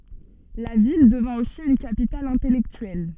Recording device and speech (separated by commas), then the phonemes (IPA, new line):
soft in-ear microphone, read sentence
la vil dəvɛ̃ osi yn kapital ɛ̃tɛlɛktyɛl